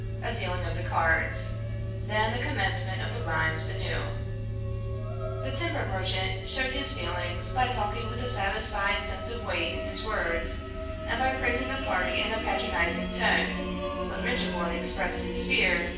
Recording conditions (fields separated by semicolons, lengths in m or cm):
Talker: one person; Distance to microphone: 9.8 m; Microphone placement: far; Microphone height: 1.8 m; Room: large; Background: music